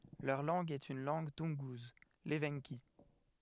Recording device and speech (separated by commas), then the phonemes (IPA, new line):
headset microphone, read sentence
lœʁ lɑ̃ɡ ɛt yn lɑ̃ɡ tunɡuz levɑ̃ki